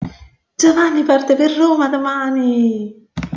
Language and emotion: Italian, happy